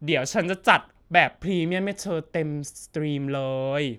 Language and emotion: Thai, happy